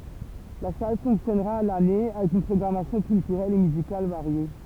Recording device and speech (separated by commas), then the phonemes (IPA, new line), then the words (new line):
temple vibration pickup, read sentence
la sal fɔ̃ksjɔnʁa a lane avɛk yn pʁɔɡʁamasjɔ̃ kyltyʁɛl e myzikal vaʁje
La salle fonctionnera à l'année, avec une programmation culturelle et musicale variée.